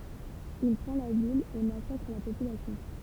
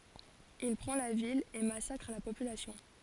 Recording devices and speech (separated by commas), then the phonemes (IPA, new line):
temple vibration pickup, forehead accelerometer, read sentence
il pʁɑ̃ la vil e masakʁ la popylasjɔ̃